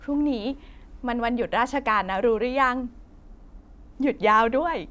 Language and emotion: Thai, happy